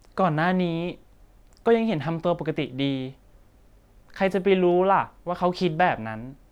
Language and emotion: Thai, frustrated